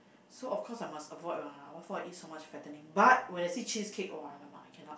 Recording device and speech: boundary microphone, conversation in the same room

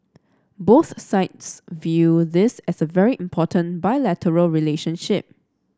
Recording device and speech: standing microphone (AKG C214), read sentence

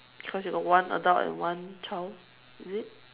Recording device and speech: telephone, conversation in separate rooms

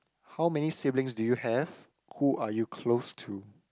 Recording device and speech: close-talking microphone, conversation in the same room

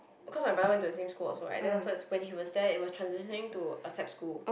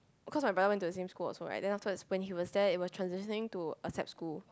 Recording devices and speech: boundary microphone, close-talking microphone, conversation in the same room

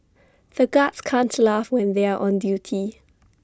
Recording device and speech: standing microphone (AKG C214), read sentence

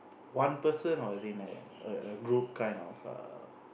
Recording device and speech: boundary microphone, conversation in the same room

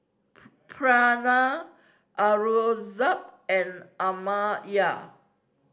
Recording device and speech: standing microphone (AKG C214), read sentence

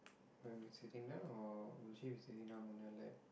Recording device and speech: boundary microphone, conversation in the same room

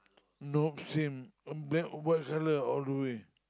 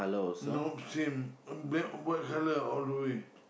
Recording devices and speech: close-talking microphone, boundary microphone, conversation in the same room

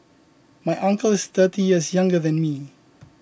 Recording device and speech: boundary microphone (BM630), read sentence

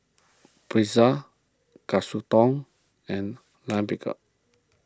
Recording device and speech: close-talking microphone (WH20), read sentence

